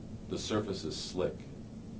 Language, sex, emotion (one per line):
English
male
neutral